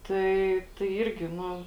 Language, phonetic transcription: Lithuanian, ˈtai tai ˈyrgi ˈnu

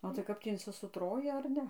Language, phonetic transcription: Lithuanian, o tai ˈkap tį insisuˈtroji ar ˈne

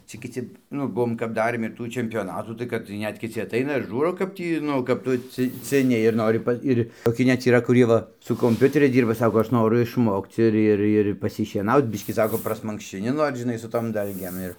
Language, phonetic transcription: Lithuanian, ˈcia kiˈci ˈnu ˈbuvom kap ˈdarėm ir ˈtų čempioˈnatų tai ˈkad tai ˈnet kiˈci aˈtaina ir ˈžūro kap ˈtį ˈnu kap ˈtu ˈci ciˈni ir ˈnori pa ˈir' toˈki net yˈra kuˈrie ˈva su komˈpiuteriais ˈdyrba ˈsako ˈaš ˈnoru išˈmokc ˈir ˈir ir pasišieˈnauc ˈbiškį ˈsako prasmankščiˈni ˈnor žiˈnai su tom ˈdalgėm ˈir

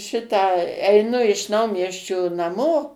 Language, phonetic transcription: Lithuanian, ˈšitą eiˈnu iš ˈnaumiesčio naˈmo

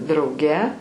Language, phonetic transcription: Lithuanian, drauˈge

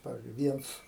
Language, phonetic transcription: Lithuanian, ˈpavizdžiui ˈvienc

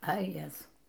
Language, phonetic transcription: Lithuanian, a ˈjezau

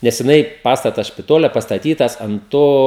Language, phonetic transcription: Lithuanian, nes jiˈnai ˈpastatas špiˈtole pastaˈtytas ant ˈto

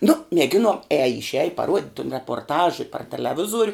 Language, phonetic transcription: Lithuanian, nu mieˈginon ˈeje išˈeji paˈruod' tun reporˈtaž i par teleˈvizuor'

